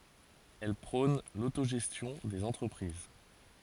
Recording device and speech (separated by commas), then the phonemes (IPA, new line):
forehead accelerometer, read sentence
ɛl pʁɔ̃n lotoʒɛstjɔ̃ dez ɑ̃tʁəpʁiz